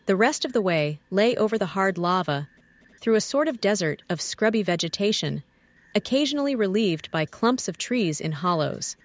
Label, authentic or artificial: artificial